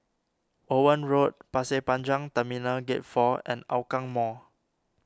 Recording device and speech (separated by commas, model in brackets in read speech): standing microphone (AKG C214), read sentence